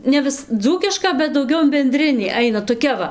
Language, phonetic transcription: Lithuanian, ne ˈvis ˈdzūkiška bet dauˈgiau in benˈdrinį ˈaina toˈkia va

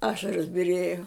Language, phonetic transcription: Lithuanian, ˈašaros biˈrėjo

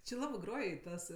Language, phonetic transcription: Lithuanian, či ˈlabɜ ˈgroj i ˈtas

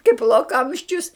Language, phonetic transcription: Lithuanian, kaip loˈkamščius

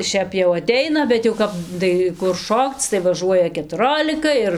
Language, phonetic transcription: Lithuanian, ˈšiap jau aˈteina bet jau ˈkap ˈdai kur ˈšokc tai vaˈžuoja ketuˈrolika ir

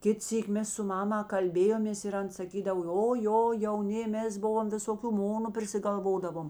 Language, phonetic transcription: Lithuanian, ˈkit ˈsyk' ˈmes su ˈmama kalˈbėjomės ir ˈan saˈkydav o ˈjo jauˈni ˈmes ˈbuvom visoˈkių ˈmonu prisigalˈvodavom

